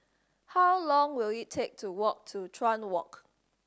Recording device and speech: standing microphone (AKG C214), read sentence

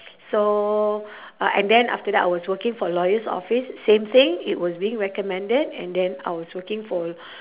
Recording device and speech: telephone, conversation in separate rooms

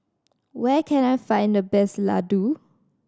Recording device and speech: standing microphone (AKG C214), read sentence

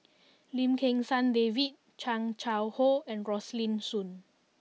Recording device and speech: mobile phone (iPhone 6), read sentence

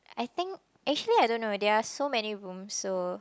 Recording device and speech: close-talking microphone, conversation in the same room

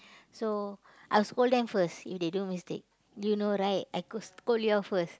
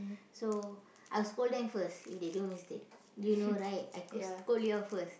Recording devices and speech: close-talking microphone, boundary microphone, conversation in the same room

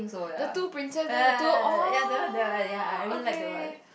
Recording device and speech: boundary microphone, conversation in the same room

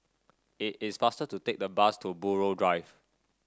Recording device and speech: standing microphone (AKG C214), read sentence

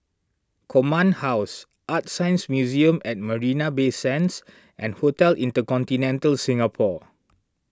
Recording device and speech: standing microphone (AKG C214), read sentence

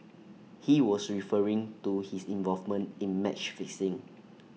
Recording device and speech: mobile phone (iPhone 6), read sentence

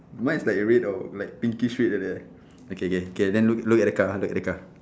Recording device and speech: standing microphone, conversation in separate rooms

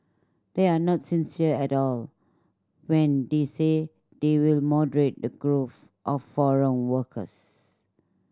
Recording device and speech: standing microphone (AKG C214), read sentence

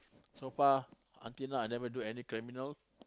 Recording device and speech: close-talking microphone, conversation in the same room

